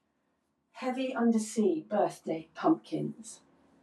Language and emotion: English, neutral